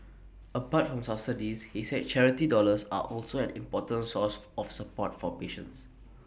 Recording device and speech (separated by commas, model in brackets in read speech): boundary microphone (BM630), read sentence